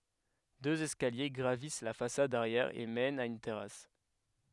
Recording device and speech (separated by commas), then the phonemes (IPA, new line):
headset microphone, read sentence
døz ɛskalje ɡʁavis la fasad aʁjɛʁ e mɛnt a yn tɛʁas